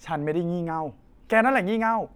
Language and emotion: Thai, frustrated